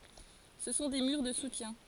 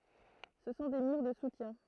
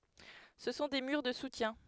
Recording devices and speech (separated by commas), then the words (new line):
forehead accelerometer, throat microphone, headset microphone, read sentence
Ce sont des murs de soutien.